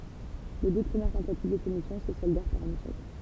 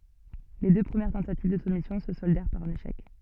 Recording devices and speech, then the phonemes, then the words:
temple vibration pickup, soft in-ear microphone, read sentence
le dø pʁəmjɛʁ tɑ̃tativ də sumisjɔ̃ sə sɔldɛʁ paʁ œ̃n eʃɛk
Les deux premières tentatives de soumission se soldèrent par un échec.

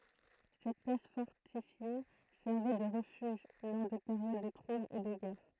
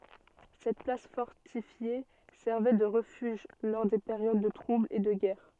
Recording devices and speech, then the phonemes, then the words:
throat microphone, soft in-ear microphone, read sentence
sɛt plas fɔʁtifje sɛʁvɛ də ʁəfyʒ lɔʁ de peʁjod də tʁublz e də ɡɛʁ
Cette place fortifiée servait de refuge lors des périodes de troubles et de guerre.

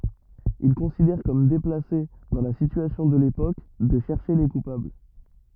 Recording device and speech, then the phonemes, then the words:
rigid in-ear microphone, read sentence
il kɔ̃sidɛʁ kɔm deplase dɑ̃ la sityasjɔ̃ də lepok də ʃɛʁʃe le kupabl
Il considère comme déplacé, dans la situation de l’époque, de chercher les coupables.

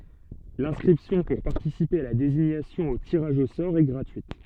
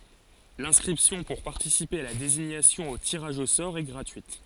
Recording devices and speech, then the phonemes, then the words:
soft in-ear microphone, forehead accelerometer, read sentence
lɛ̃skʁipsjɔ̃ puʁ paʁtisipe a la deziɲasjɔ̃ o tiʁaʒ o sɔʁ ɛ ɡʁatyit
L’inscription pour participer à la désignation au tirage au sort est gratuite.

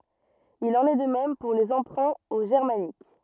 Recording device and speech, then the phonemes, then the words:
rigid in-ear microphone, read sentence
il ɑ̃n ɛ də mɛm puʁ le ɑ̃pʁɛ̃ o ʒɛʁmanik
Il en est de même pour les emprunts au germanique.

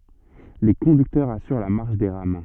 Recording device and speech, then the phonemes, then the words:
soft in-ear microphone, read sentence
le kɔ̃dyktœʁz asyʁ la maʁʃ de ʁam
Les conducteurs assurent la marche des rames.

